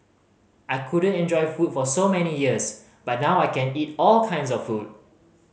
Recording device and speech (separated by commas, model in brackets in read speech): mobile phone (Samsung C5010), read sentence